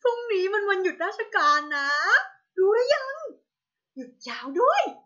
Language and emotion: Thai, happy